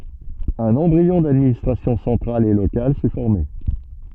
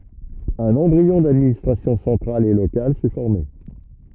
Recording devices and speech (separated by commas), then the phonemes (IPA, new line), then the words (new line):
soft in-ear microphone, rigid in-ear microphone, read sentence
œ̃n ɑ̃bʁiɔ̃ dadministʁasjɔ̃ sɑ̃tʁal e lokal sɛ fɔʁme
Un embryon d’administration centrale et locale s’est formé.